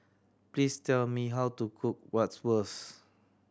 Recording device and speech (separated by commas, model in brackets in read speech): standing microphone (AKG C214), read sentence